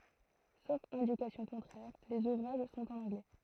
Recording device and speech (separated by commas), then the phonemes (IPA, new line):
throat microphone, read sentence
sof ɛ̃dikasjɔ̃ kɔ̃tʁɛʁ lez uvʁaʒ sɔ̃t ɑ̃n ɑ̃ɡlɛ